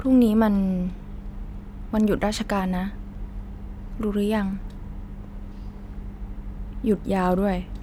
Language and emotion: Thai, sad